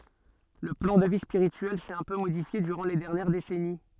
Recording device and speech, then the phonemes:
soft in-ear microphone, read sentence
lə plɑ̃ də vi spiʁityɛl sɛt œ̃ pø modifje dyʁɑ̃ le dɛʁnjɛʁ desɛni

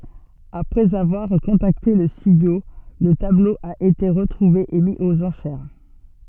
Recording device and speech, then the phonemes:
soft in-ear microphone, read sentence
apʁɛz avwaʁ kɔ̃takte lə stydjo lə tablo a ete ʁətʁuve e mi oz ɑ̃ʃɛʁ

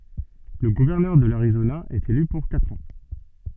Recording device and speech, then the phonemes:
soft in-ear microphone, read sentence
lə ɡuvɛʁnœʁ də laʁizona ɛt ely puʁ katʁ ɑ̃

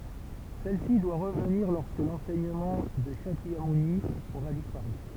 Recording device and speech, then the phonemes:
temple vibration pickup, read sentence
sɛl si dwa ʁəvniʁ lɔʁskə lɑ̃sɛɲəmɑ̃ də ʃakjamuni oʁa dispaʁy

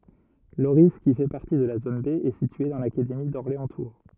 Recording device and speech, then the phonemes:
rigid in-ear microphone, read sentence
loʁi ki fɛ paʁti də la zon be ɛ sitye dɑ̃ lakademi dɔʁleɑ̃stuʁ

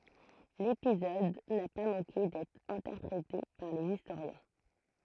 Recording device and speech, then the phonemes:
throat microphone, read sentence
lepizɔd na pa mɑ̃ke dɛtʁ ɛ̃tɛʁpʁete paʁ lez istoʁjɛ̃

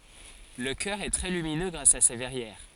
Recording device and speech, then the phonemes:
forehead accelerometer, read sentence
lə kœʁ ɛ tʁɛ lyminø ɡʁas a se vɛʁjɛʁ

